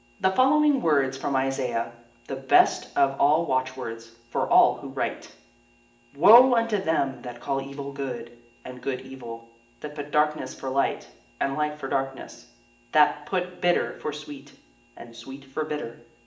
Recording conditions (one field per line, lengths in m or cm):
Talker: one person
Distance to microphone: 1.8 m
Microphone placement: close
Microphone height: 1.0 m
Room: large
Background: none